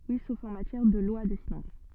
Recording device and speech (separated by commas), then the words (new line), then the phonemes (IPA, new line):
soft in-ear microphone, read sentence
Oui, sauf en matière de lois de finances.
wi sof ɑ̃ matjɛʁ də lwa də finɑ̃s